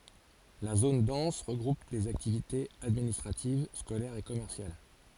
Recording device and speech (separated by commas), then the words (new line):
forehead accelerometer, read sentence
La zone dense regroupe les activités administratives, scolaires et commerciales.